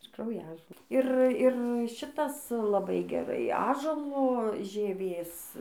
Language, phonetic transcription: Lithuanian, ir krauˈjažo ˈir ˈir ˈšitas laˈbai geˈrai ˈąžuolo žieˈvės

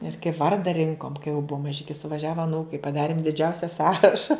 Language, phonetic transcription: Lithuanian, ir kaip ˈvarda ˈrinkom kai jau ˈbua maˈžiki suvaˈžiava aˈnūkai paˈdarim diˈdžiausia ˈsąraša

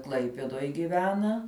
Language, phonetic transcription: Lithuanian, ˈklaipeduoj giˈvena

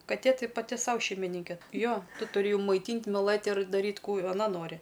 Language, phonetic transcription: Lithuanian, kaˈtė ˈtai paˈti ˈsau šeimiˈninke ˈjo ˈtu turi maiˈtynt' miˈlɘt' ir daˈryt' ˈkų aˈna ˈnori

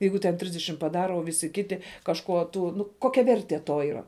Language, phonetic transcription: Lithuanian, ˈjeigu ten ˈtrisdešim paˈdara o ˈvisi ˈkiti kažˈkuo ˈtų ˈnu ˈkokia ˈvertie ˈto yˈra

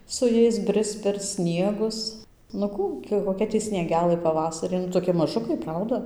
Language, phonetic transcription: Lithuanian, su ˈjais ˈbrisc per ˈsniegus nu ˈkų gi koˈkia ˈtį snieˈgelɘ paˈvasari nu toˈki maˈžukai ˈprauda

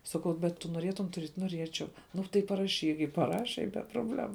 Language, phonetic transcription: Lithuanian, ˈsakau bet tu noˈrietum tuˈriet' noˈriečiau ˈnu tai paraˈšyk i paˈraše i be probˈlemu

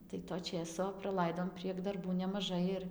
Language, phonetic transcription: Lithuanian, tai to ˈčėso praˈlaidom prieg darˈbų nemaˈžai ir

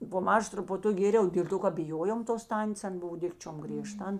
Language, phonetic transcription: Lithuanian, po ˈmaža trupuˈtuk ˈgėriau dėl ˈto ka biˈjojom tos ˈtantės ˈan ˈbuv ˈdikčiom grieˈžta ˈan

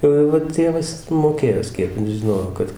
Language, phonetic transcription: Lithuanian, ˈjau jau va ˈtėvas ˈjis moˈkėjo ˈspiepint žiˈnojo ˈkad

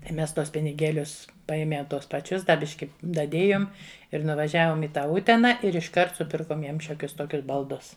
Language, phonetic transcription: Lithuanian, tai ˈmes ˈtuos piniˈgėlius ˈpaėme ˈtuos paˈčius da ˈbiški daˈdėjom ir nuvaˈžiavom i ˈtą ˈutena ir išˈkart suˈpirkom ˈjiem ˈšiokius ˈtokius balˈdus

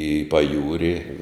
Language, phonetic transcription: Lithuanian, i paˈjūri

